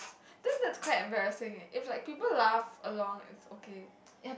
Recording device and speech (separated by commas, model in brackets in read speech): boundary microphone, conversation in the same room